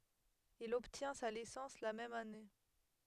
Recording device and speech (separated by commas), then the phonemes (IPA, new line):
headset microphone, read sentence
il ɔbtjɛ̃ sa lisɑ̃s la mɛm ane